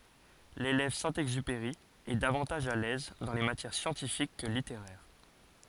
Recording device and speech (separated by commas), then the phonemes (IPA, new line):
forehead accelerometer, read sentence
lelɛv sɛ̃ ɛɡzypeʁi ɛ davɑ̃taʒ a lɛz dɑ̃ le matjɛʁ sjɑ̃tifik kə liteʁɛʁ